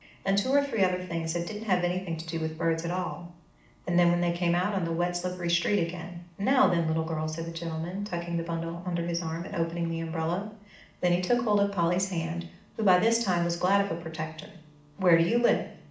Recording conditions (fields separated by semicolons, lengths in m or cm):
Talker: one person; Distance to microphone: 2.0 m; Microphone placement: close; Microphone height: 99 cm; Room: medium-sized (5.7 m by 4.0 m); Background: none